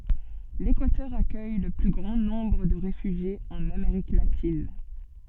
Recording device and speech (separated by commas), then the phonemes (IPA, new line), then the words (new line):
soft in-ear microphone, read sentence
lekwatœʁ akœj lə ply ɡʁɑ̃ nɔ̃bʁ də ʁefyʒjez ɑ̃n ameʁik latin
L'Équateur accueille le plus grand nombre de réfugiés en Amérique latine.